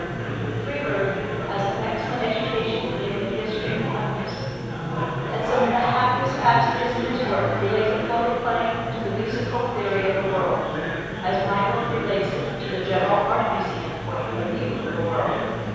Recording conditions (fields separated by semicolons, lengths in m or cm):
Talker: one person; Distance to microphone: 7.1 m; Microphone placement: far; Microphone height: 1.7 m; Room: very reverberant, large; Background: babble